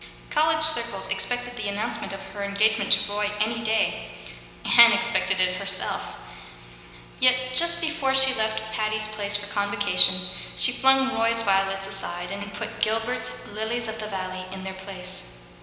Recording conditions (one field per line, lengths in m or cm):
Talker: one person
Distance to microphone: 1.7 m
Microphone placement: close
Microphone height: 1.0 m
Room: very reverberant, large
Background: none